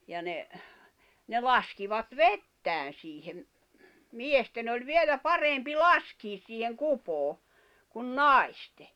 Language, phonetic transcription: Finnish, ja ne , ne 'laskivat "vettään̬ siihem , "miesten ‿oĺ 'vielä "parempi "laskiis siiheŋ "kupoo , kun "nàiste .
- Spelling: ja ne ne laskivat vettään siihen miesten oli vielä parempi laskea siihen kupoon kuin naisten

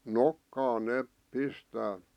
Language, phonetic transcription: Finnish, nokkaan 'neep , 'pistää .
- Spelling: nokkaan ne pistää

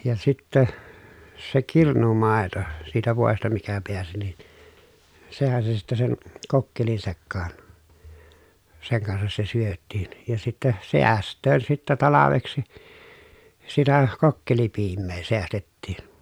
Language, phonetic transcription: Finnish, ja sittä , se kirnumàeto , siitä vòesta mikä peäsi nin , sehän se sitte sen , kokkelin sekkaan , seŋ kansas se syöttiin , ja sittɛ , seäst̆töön sittä talaveksi , sitä , kokkelipiimmee seästettiin .
- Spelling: ja sitten se kirnumaito siitä voista mikä pääsi niin sehän se sitten sen kokkelin sekaan sen kanssa se syötiin ja sitten säästöön sitten talveksi sitä kokkelipiimää säästettiin

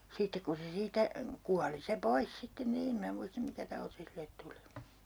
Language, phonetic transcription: Finnish, 'sittek ku se 'siitä , "kuali se 'pois 'sitten nii'n ‿em minä 'muistᵃ 'mikä tauti 'silet tuli .
- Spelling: sitten kun se siitä kuoli se pois sitten niin en minä muista mikä tauti sille tuli

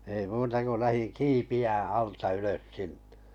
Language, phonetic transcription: Finnish, ei muuta ko 'lähiŋ "kiipi₍ä 'alta 'ylös 'sinɴᴇ .
- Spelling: ei muuta kuin lähdin kiipeämään alta ylös sinne

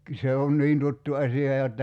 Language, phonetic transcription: Finnish, 'se on 'niin tuttu 'asi₍a jotta ,.
- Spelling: se on niin tuttu asia jotta

